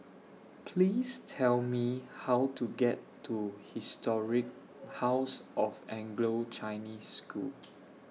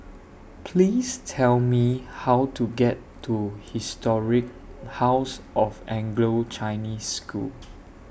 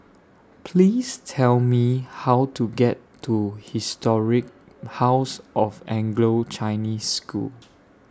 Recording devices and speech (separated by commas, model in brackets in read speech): mobile phone (iPhone 6), boundary microphone (BM630), standing microphone (AKG C214), read sentence